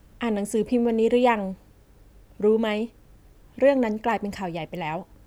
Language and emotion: Thai, neutral